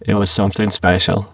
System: VC, spectral filtering